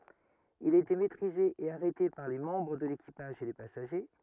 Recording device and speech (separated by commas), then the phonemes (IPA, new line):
rigid in-ear microphone, read sentence
il a ete mɛtʁize e aʁɛte paʁ le mɑ̃bʁ də lekipaʒ e le pasaʒe